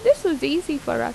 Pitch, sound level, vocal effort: 325 Hz, 85 dB SPL, normal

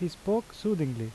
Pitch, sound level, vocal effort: 175 Hz, 83 dB SPL, normal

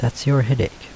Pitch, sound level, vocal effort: 120 Hz, 76 dB SPL, soft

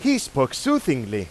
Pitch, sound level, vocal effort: 140 Hz, 95 dB SPL, very loud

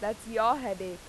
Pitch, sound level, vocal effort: 210 Hz, 93 dB SPL, loud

